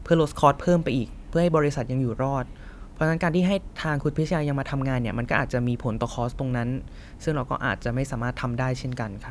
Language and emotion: Thai, neutral